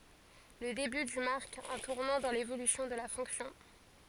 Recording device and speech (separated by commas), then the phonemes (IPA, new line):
forehead accelerometer, read sentence
lə deby dy maʁk œ̃ tuʁnɑ̃ dɑ̃ levolysjɔ̃ də la fɔ̃ksjɔ̃